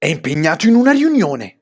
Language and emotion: Italian, angry